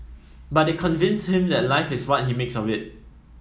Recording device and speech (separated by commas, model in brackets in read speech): mobile phone (iPhone 7), read sentence